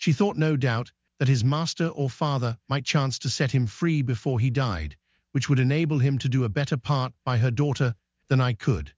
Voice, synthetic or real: synthetic